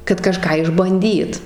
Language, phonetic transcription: Lithuanian, kad kaˈžką išbanˈdyt

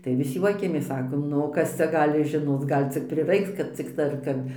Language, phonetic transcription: Lithuanian, tai vis ˈjuokiamės ˈsakom ˈnu o ˈkas cia ˈgali žiˈnoc ˈgal' cik priˈraiks kad ˈciktai ar ˈkap

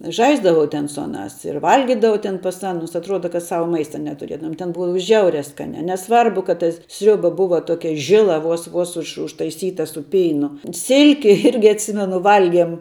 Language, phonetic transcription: Lithuanian, ˈžaisdavau ten su ˈanās ir ˈvalgidavau ten pas ˈanus atˈruoda kad ˈsava ˈmaista netuˈriedavum ten ˈbua ˈžiauria ˈskania neˈsvarbu kad ta ˈsriuba ˈbuva ˈtokia ˈžila ˈvos ˈvos už užtaiˈsyta su ˈpeinu ˈsilki ˈirgi atˈsimenu ˈvalgiem

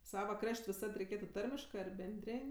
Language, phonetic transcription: Lithuanian, ˈsava ˈkraš't' viˈsad reiˈkėtu ˈtarmiškɜ ar benˈdrėn'

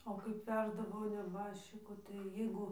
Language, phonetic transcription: Lithuanian, o kaip ˈveždavo neˈbaščiko tai jiˈgu

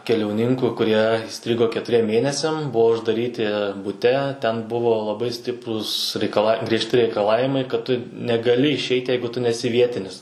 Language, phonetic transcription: Lithuanian, keliauˈninku kuˈrie įˈstrigo ketuˈriem ˈmėnesiam ˈbuvo uždaˈryti buˈte ˈten ˈbuvo laˈbai ˈstiprūs reikaˈla griežˈti reikaˈlavimai kad ˈtu negaˈli išˈeit' ˈjeigu ˈtu neˈsi ˈvietinis

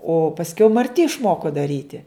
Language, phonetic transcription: Lithuanian, o pasˈkiau marˈti išˈmoko daˈryti

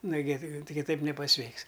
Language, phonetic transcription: Lithuanian, nuˈgi ˈti kiˈtaip nepaˈsveiks

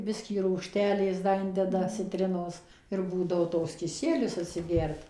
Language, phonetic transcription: Lithuanian, ˈbiskį rūgˈštelės ˈda ˈindeda ciˈtrinos ir ˈbūdavo ˈtoks kiˈsielius atsiˈgert

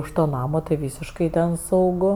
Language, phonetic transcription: Lithuanian, už ˈto ˈnamo tai ˈvysiškai ten sauˈgu

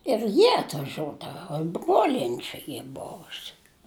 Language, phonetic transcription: Lithuanian, ir ˈjie atvaˈžiuodava i ˈbruolieni ˈčia ˈy ˈbovusi

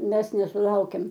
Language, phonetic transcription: Lithuanian, mes nesuˈlaukiam

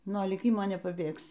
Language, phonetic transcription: Lithuanian, nuo lyˈkimo nepaˈbėgsi

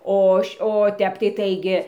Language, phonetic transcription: Lithuanian, ˈo o ˈtep tai ˈtaigi

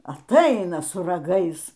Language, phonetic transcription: Lithuanian, aˈtaina su raˈgais

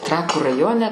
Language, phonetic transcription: Lithuanian, ˈtrakų raˈjone

